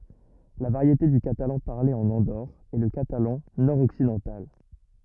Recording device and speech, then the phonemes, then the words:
rigid in-ear microphone, read sentence
la vaʁjete dy katalɑ̃ paʁle ɑ̃n ɑ̃doʁ ɛ lə katalɑ̃ nɔʁ ɔksidɑ̃tal
La variété du catalan parlée en Andorre est le catalan nord-occidental.

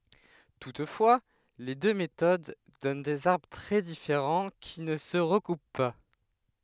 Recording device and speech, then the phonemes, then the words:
headset microphone, read sentence
tutfwa le dø metod dɔn dez aʁbʁ tʁɛ difeʁɑ̃ ki nə sə ʁəkup pa
Toutefois, les deux méthodes donnent des arbres très différents qui ne se recoupent pas.

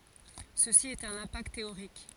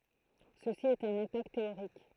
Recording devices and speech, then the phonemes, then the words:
forehead accelerometer, throat microphone, read sentence
səsi ɛt œ̃n ɛ̃pakt teoʁik
Ceci est un impact théorique.

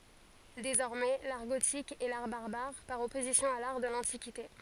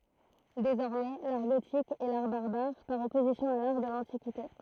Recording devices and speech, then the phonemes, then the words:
forehead accelerometer, throat microphone, read sentence
dezɔʁmɛ laʁ ɡotik ɛ laʁ baʁbaʁ paʁ ɔpozisjɔ̃ a laʁ də lɑ̃tikite
Désormais, l’art gothique est l’art barbare par opposition à l’art de l’Antiquité.

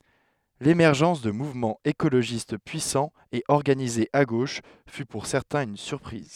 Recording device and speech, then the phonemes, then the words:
headset microphone, read sentence
lemɛʁʒɑ̃s də muvmɑ̃z ekoloʒist pyisɑ̃z e ɔʁɡanizez a ɡoʃ fy puʁ sɛʁtɛ̃z yn syʁpʁiz
L’émergence de mouvements écologistes puissants et organisés à gauche fut pour certains une surprise.

